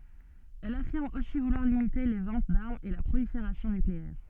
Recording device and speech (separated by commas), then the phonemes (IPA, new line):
soft in-ear microphone, read sentence
ɛl afiʁm osi vulwaʁ limite le vɑ̃t daʁmz e la pʁolifeʁasjɔ̃ nykleɛʁ